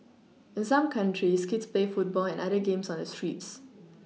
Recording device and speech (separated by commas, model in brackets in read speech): mobile phone (iPhone 6), read sentence